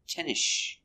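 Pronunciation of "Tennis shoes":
In 'tennis shoes', the s at the end of 'tennis' is not heard before the sh of 'shoes'.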